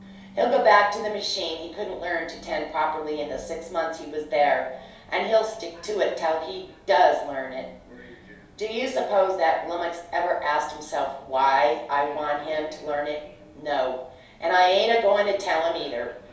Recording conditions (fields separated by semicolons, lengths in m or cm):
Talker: one person; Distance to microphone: 3.0 m; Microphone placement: far; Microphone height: 1.8 m; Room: small (3.7 m by 2.7 m); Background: television